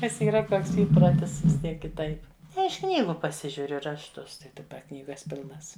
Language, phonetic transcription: Lithuanian, nes yˈra ˈtoks ˈįprotis vis ˈtiek kiˈtaip iš ˈknygu paˈsižiuriu rašˈtus tai daˈba ˈknygas ˈpilnas

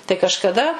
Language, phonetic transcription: Lithuanian, tai kažkaˈda

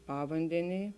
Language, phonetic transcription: Lithuanian, ˈpavandenėj

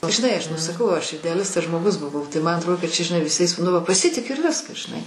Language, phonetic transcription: Lithuanian, žiˈnai ˈaš nu saˈkau ˈaš ideaˈlistas žmoˈgus buˈvau tai ˈman atˈrodė kad ˈčia žiˈnai viˈsais nu ˈva paˈsitikiu ir ˈviskas žiˈnai

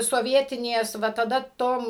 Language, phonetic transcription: Lithuanian, soˈvietinės ˈva taˈda ˈtom

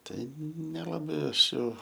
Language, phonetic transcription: Lithuanian, ˈtai nelaˈbai ˈaš jau

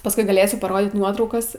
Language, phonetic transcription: Lithuanian, pasˈkui gaˈlėsiu paˈrodyt ˈnuotraukas

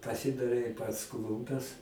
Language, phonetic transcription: Lithuanian, paˈsidarei pats ˈklumpes

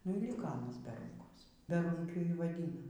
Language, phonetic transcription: Lithuanian, nu y ˈlyka aˈnas be ˈrūnkos beˈrūnkiu ˈjį y vaˈdina

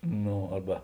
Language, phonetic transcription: Lithuanian, ˈno ˈarba

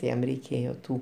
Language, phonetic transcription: Lithuanian, ti ˈjam reiˈkėjo ˈtų

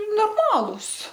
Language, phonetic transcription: Lithuanian, norˈmalūs

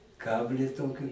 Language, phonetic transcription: Lithuanian, ˈkablį ˈtoki

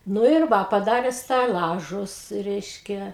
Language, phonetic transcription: Lithuanian, ˈnu ir ˈva paˈdare steˈlažus ˈreiškia

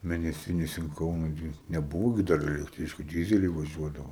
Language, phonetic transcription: Lithuanian, mėneˈsinis in ˈkauna ˈgi neˈbūvo gi ˈdar elekˈtryčku ˈdyzeliai vaˈžiuodavo

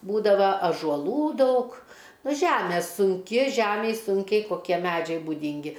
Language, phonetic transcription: Lithuanian, ˈbūdava ažuoˈlų ˈdaug ˈnu ˈžæme sunˈki ˈžæmej ˈsunkiai koˈkie ˈmædžiai buˈdingi

